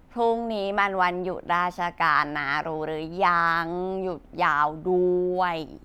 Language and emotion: Thai, frustrated